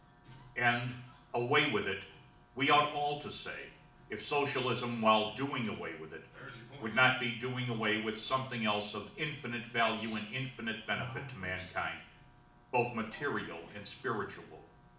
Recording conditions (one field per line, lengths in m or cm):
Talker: one person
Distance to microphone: 2.0 m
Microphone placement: close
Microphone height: 99 cm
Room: medium-sized (5.7 m by 4.0 m)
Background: television